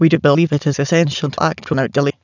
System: TTS, waveform concatenation